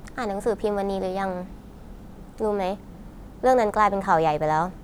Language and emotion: Thai, frustrated